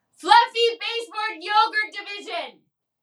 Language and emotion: English, neutral